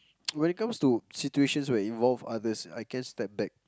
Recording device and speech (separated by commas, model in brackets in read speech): close-talking microphone, conversation in the same room